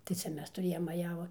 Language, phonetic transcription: Lithuanian, tai ˈcia ˈmes tuˈrėjom maˈjavu

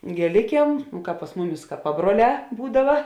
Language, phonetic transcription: Lithuanian, gėˈlikiem ˈkāp pas ˈmuˌmis ka ˈpabruoˌlē ˈbūdava

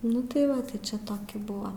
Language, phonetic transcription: Lithuanian, ˈnu tai ˈva tai ˈčia ˈtoki ˈbuva

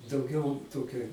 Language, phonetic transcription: Lithuanian, dauˈgiau ˈtokia

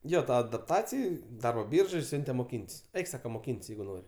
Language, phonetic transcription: Lithuanian, ˈjo ˈta adapˈtacij ˈdarbo ˈbyržoj ˈsiunte moˈkynt's' ˈeik ˈsaka moˈkynt's' ˈjeigu ˈnor'

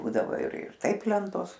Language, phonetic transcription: Lithuanian, ˈbūdavo ir ir ˈtaip ˈlentos

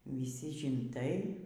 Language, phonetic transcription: Lithuanian, viˈsy žinˈtai

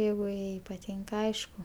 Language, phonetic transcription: Lithuanian, ˈjeigu ˈjai paˈtynka ˈaišku

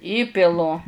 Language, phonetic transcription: Lithuanian, ˈįpilu

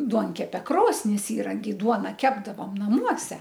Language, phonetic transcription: Lithuanian, ˈduonkepe ˈkrosnis ˈįrankiai ˈduona ˈkepdavom naˈmuose

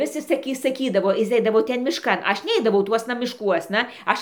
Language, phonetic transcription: Lithuanian, ˈvis jis saˈky saˈkydavo ˈjis ˈeidavo ˈten mišˈkan ˈaš ˈneidavau ˈtuosna mišˈkuosna ˈaš

